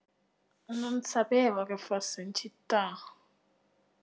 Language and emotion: Italian, disgusted